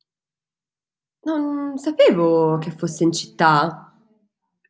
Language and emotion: Italian, surprised